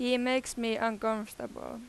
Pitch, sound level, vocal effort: 230 Hz, 90 dB SPL, very loud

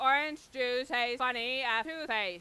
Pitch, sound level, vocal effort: 255 Hz, 103 dB SPL, very loud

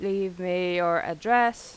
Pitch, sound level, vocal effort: 185 Hz, 91 dB SPL, loud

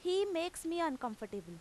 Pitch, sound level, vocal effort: 325 Hz, 91 dB SPL, very loud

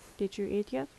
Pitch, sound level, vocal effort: 200 Hz, 77 dB SPL, soft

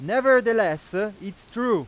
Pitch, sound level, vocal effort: 215 Hz, 101 dB SPL, very loud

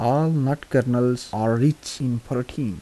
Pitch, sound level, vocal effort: 125 Hz, 79 dB SPL, soft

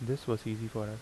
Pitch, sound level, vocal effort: 110 Hz, 76 dB SPL, soft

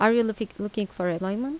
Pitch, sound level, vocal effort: 210 Hz, 83 dB SPL, normal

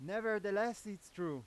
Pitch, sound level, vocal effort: 205 Hz, 98 dB SPL, very loud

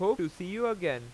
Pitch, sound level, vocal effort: 180 Hz, 95 dB SPL, loud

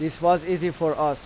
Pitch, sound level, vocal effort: 160 Hz, 92 dB SPL, loud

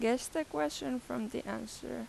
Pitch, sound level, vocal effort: 235 Hz, 85 dB SPL, normal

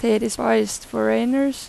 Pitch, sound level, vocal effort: 215 Hz, 87 dB SPL, normal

